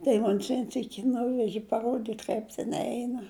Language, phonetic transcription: Lithuanian, tai ˈmon's ˈvien ˈsyki ˈnuveži paˈruodyt' ˈkaip ten ˈeina

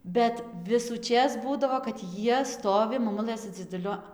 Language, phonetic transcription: Lithuanian, ˈbet visųˈčės ˈbūdavo kad ˈjie ˈstovi maˈmulɘ su dziduˈliu

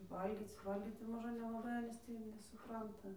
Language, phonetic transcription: Lithuanian, ˈvalgyc ˈvalgyc tai ˈmožə nelaˈbai ˈanys ˈtį jau nesuˈpranta

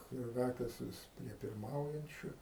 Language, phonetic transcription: Lithuanian, ˈkrakės ˈvis prie pirˈmaujančiu

